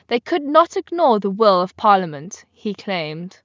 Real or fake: real